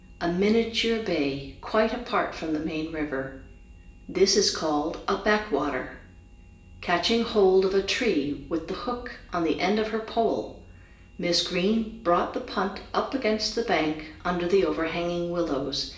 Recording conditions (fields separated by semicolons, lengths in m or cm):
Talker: one person; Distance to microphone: 1.8 m; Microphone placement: close; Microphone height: 1.0 m; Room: large; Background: none